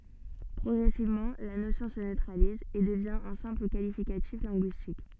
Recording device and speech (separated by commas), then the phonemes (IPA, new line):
soft in-ear microphone, read sentence
pʁɔɡʁɛsivmɑ̃ la nosjɔ̃ sə nøtʁaliz e dəvjɛ̃ œ̃ sɛ̃pl kalifikatif lɛ̃ɡyistik